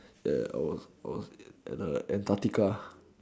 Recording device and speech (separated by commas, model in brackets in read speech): standing microphone, conversation in separate rooms